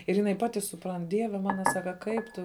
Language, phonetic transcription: Lithuanian, ir jiˈnai ˈpati suˈprant ˈdieve ˈmana ˈsaka ˈkaip tu

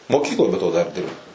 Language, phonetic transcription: Lithuanian, moˈkykloj be to dar ˈdirbau

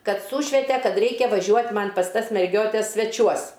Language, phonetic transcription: Lithuanian, ˈkad ˈsūšvete ˈkad ˈreikia vaˈžiuot' ˈman' ˈpas ˈtas merˈgiotes sveˈčiuos

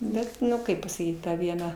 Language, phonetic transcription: Lithuanian, ˈbet nu ˈkaip pasaˈkyt ˈta ˈviena

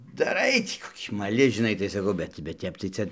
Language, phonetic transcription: Lithuanian, daˈrai ˈtį koˈkį maˈli žiˈnai tai saˈkau ˈbet bet ˈtep tai ˈca

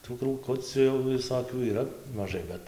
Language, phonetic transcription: Lithuanian, tų krūˈkuciu jau viˈsokių yˈra maˈžai ˈbet

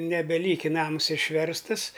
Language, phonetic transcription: Lithuanian, nebeˈlyki ˈnams išˈverstɨs

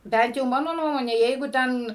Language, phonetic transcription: Lithuanian, ˈbent jau ˈmano ˈnuomone ˈjeigu ˈten

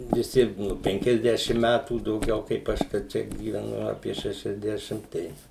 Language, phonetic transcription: Lithuanian, viˈsi ˈnu ˌpenkiasˈdešim ˈmætų dauˈgiau kaip ˈaš ka ˈčia gyveˈnu ˈapie ˌšešiasˈdešim ˈtai

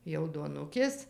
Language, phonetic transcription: Lithuanian, jau duoˈnukės

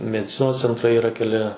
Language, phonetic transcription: Lithuanian, mediˈcinos cenˈtrai yˈra keˈli

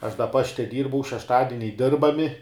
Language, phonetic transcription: Lithuanian, aš da ˈpašte ˈdyrbau šešˈtadiniai ˈdirbami

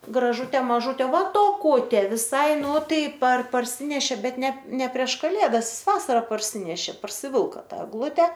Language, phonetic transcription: Lithuanian, graˈžutė maˈžutė va toˈkutė viˈsai ˈnu ˈtai par parˈsinešė ˈbet ˈne ˈne prieš kaˈlėdas ˈjis ˈvasara parˈsinešė parsiˈvilka ˈtą egˈlute

